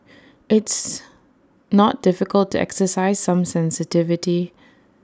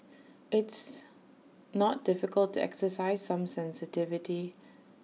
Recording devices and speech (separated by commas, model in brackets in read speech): standing microphone (AKG C214), mobile phone (iPhone 6), read sentence